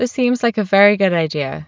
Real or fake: real